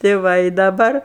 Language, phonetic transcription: Lithuanian, tei ˈva i daˈbar

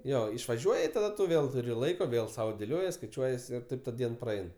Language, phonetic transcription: Lithuanian, ˈjo išvaˈžiuoj i taˈda tu ˈvėl tuˈri ˈlaiko ˈvėl sau dėˈliojies skaiˈčiuojies ir ˈtaip ta ˈdien praˈein

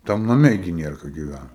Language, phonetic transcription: Lithuanian, ˈtam naˈme gi ˈnierka giˈvæna

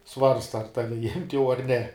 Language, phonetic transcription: Lithuanian, ˈsvarsta ar ˈtavi jimt' jau ar ne

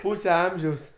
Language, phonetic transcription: Lithuanian, ˈpūse ˈamžiaus

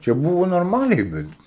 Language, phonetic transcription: Lithuanian, čia ˈbūvo norˈmaliai ˈbet

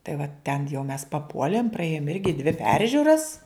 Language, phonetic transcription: Lithuanian, tai va ten jau mes paˈpuolėm praˈėjom ˈirgi dvi ˈperžiuras

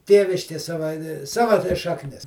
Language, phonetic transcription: Lithuanian, ˈtėviškė ˈsava ˈsava tai šakˈnis

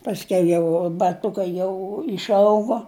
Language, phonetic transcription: Lithuanian, pasˈkiau jau baˈtukai ˈjau išˈaugo

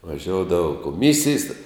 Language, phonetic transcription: Lithuanian, vaˈžioudava koˈmisijs te

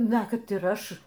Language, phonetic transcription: Lithuanian, ˈna ˈkad ir ˈaš

